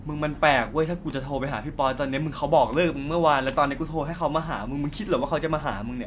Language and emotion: Thai, frustrated